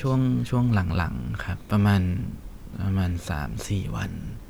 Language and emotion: Thai, sad